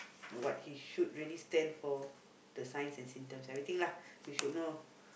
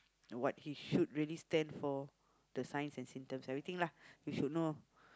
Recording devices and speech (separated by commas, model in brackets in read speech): boundary microphone, close-talking microphone, conversation in the same room